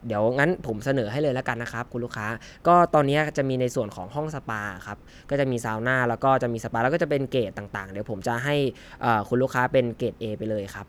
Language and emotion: Thai, neutral